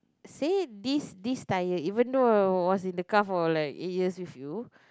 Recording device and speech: close-talking microphone, conversation in the same room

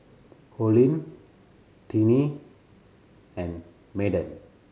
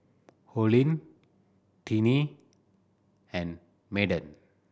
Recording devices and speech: mobile phone (Samsung C7100), boundary microphone (BM630), read sentence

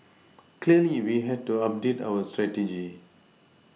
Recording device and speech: mobile phone (iPhone 6), read sentence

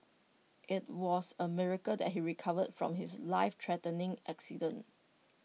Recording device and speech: mobile phone (iPhone 6), read sentence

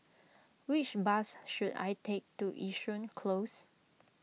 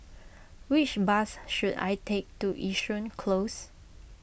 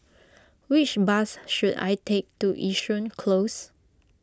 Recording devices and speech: mobile phone (iPhone 6), boundary microphone (BM630), close-talking microphone (WH20), read sentence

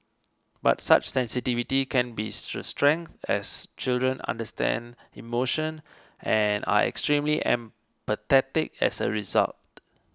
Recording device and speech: close-talking microphone (WH20), read sentence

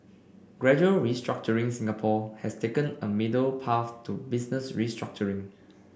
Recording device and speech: boundary microphone (BM630), read sentence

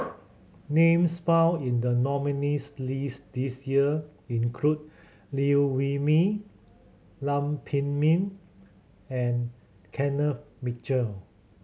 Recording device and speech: mobile phone (Samsung C7100), read sentence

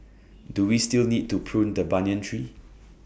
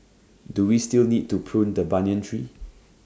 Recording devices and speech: boundary microphone (BM630), standing microphone (AKG C214), read sentence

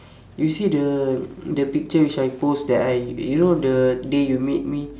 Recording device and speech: standing microphone, conversation in separate rooms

